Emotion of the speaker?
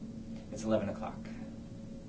neutral